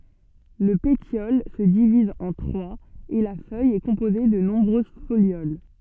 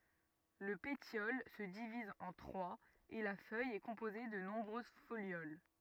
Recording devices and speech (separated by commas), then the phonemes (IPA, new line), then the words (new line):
soft in-ear microphone, rigid in-ear microphone, read sentence
lə petjɔl sə diviz ɑ̃ tʁwaz e la fœj ɛ kɔ̃poze də nɔ̃bʁøz foljol
Le pétiole se divise en trois et la feuille est composée de nombreuses folioles.